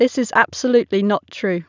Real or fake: real